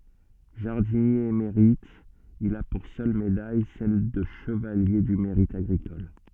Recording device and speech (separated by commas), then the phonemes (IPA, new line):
soft in-ear microphone, read sentence
ʒaʁdinje emeʁit il a puʁ sœl medaj sɛl də ʃəvalje dy meʁit aɡʁikɔl